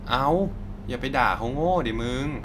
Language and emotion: Thai, frustrated